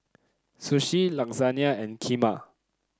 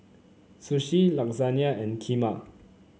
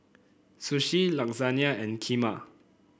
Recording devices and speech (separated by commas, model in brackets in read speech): close-talking microphone (WH30), mobile phone (Samsung C9), boundary microphone (BM630), read sentence